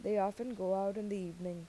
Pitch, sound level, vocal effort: 195 Hz, 84 dB SPL, normal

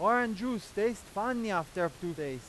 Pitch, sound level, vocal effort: 205 Hz, 98 dB SPL, very loud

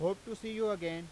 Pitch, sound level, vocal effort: 205 Hz, 95 dB SPL, loud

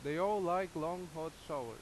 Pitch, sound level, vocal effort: 175 Hz, 92 dB SPL, very loud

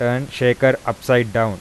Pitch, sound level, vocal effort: 120 Hz, 89 dB SPL, normal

